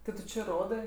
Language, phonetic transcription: Lithuanian, ti ˈtu či ˈrodɜ

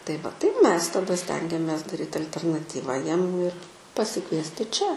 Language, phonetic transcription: Lithuanian, tai ˈva tai ˈmes taˈda ˈstengiamės daˈryt alternaˈtyva ˈjiem ir pasiˈkviesti čia

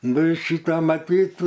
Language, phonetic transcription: Lithuanian, ˈnu i ˈšita maˈtyt

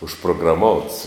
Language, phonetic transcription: Lithuanian, užprograˈmouts

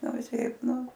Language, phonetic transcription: Lithuanian, ˈnu viˈseip ˈnu

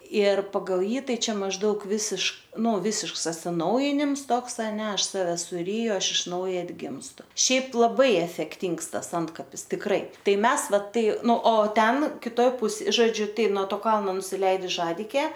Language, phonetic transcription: Lithuanian, ir paˈgal ˈjį ˈtai ˈčia mažˈdaug ˈvisiškai ˈnu ˈvisišks atsiˈnaujinims ˈtoks aˈne ˈaš ˈsave suˈryju ˈaš iš ˈnauja atˈgimstu ˈšiaip laˈbai efekˈtyngs ˈtas ˈantkapis tikˈrai ˈtai ˈmes ˈva ˈtai ˈnu o ˈten kiˈtoj ˈpus žoˈdžiu ˈtai nuo ˈto ˈkalno nusiˈleidus ˈžadikė

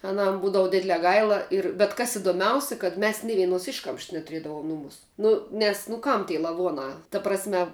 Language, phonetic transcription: Lithuanian, aˈnam ˈbūdavu ˈdidlē ˈgaila ir bet ˈkas idoˈmiausi kad ˈmes ni ˈvienos ˈiškamšs netuˈriedavuom ˈnumūs ˈnu nes nu ˈkam ty laˈvuonā ta prasˈme

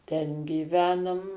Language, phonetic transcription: Lithuanian, ˈten gyˈvenum

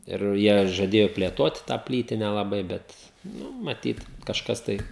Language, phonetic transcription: Lithuanian, ir ˈjie žaˈdėjo plėˈtot tą ˈplytine laˈbai ˈbet nu maˈtyt kažˈkas tai

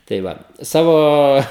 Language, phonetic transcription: Lithuanian, tai ˈva ˈsavo

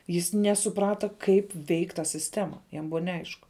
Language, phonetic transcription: Lithuanian, jis ˈnesuˌprata ˈkaip ˈveik' ta sisˈtema jam ˈbuva neˈaišku

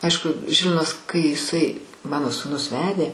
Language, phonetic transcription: Lithuanian, ˈaišku ˈžilvinas kai jiˈsai ˈmano sūˈnus ˈvedė

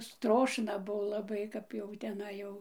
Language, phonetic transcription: Lithuanian, ˈstrošna ˈbuo laˈbai kap jau teˈnai jau

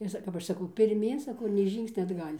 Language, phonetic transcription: Lithuanian, ir ˈsa kap ˈaš saˈkau pirˈmyn saˈkau ir nei ˈžyngsnia atˈgal'

